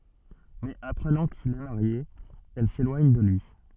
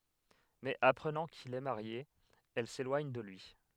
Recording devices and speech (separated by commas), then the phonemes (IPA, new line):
soft in-ear microphone, headset microphone, read sentence
mɛz apʁənɑ̃ kil ɛ maʁje ɛl selwaɲ də lyi